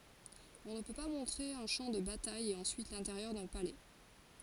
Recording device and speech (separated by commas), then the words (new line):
forehead accelerometer, read sentence
On ne peut pas montrer un champ de bataille et ensuite l'intérieur d'un palais.